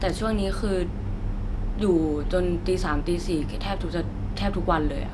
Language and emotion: Thai, neutral